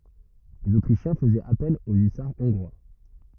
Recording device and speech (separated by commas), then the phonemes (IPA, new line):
rigid in-ear microphone, read sentence
lez otʁiʃjɛ̃ fəzɛt apɛl o ysaʁ ɔ̃ɡʁwa